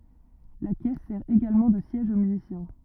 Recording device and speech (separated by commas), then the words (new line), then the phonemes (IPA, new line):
rigid in-ear microphone, read sentence
La caisse sert également de siège au musicien.
la kɛs sɛʁ eɡalmɑ̃ də sjɛʒ o myzisjɛ̃